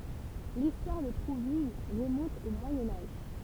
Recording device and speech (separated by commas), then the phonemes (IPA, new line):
temple vibration pickup, read sentence
listwaʁ də tʁuvil ʁəmɔ̃t o mwajɛ̃ aʒ